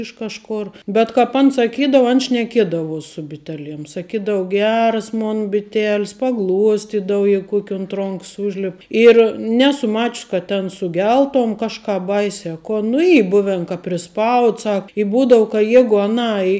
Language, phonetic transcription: Lithuanian, iš ˈkažˌkor bet kap ˈan saˈkydavu an šneˈkiedavuos su biˈteˌliem saˈkydav ˈgeras ˈmon biˈtelis paˈgluostidav ˈjeigu ˈkuok' unt ˈronks ˈūžlep ir ˈnesu ˈmačəs ka ten suˈgeltom ˈkažˌkāp ˈbaise a ˈkon nu ˈy ˈbuven ka priˈspaud ˈsak i ˈbūdau ka ˈjegu aˈnai

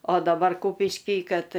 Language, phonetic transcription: Lithuanian, o daˈbar ˈkūpišky ˈkad

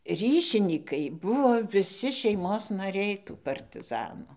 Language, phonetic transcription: Lithuanian, ˈryšinykai ˈbuvo viˈsi šeiˈmos naˈriai tų partiˈzanų

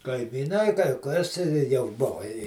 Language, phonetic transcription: Lithuanian, kaimyˈnai kai kas i jau ˈbova i

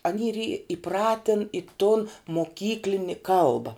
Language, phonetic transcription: Lithuanian, aˈny yr į iˈpratin i tun moˈkyklini ˈkalba

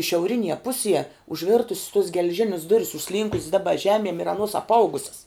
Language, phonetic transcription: Lithuanian, šiauˈrinie ˈpusie užˈvirtus's tos gel'ˈžinis ˈduris užˈslynkus's ˈdaba ˈžemiem ir aˈnuos apˈauguses

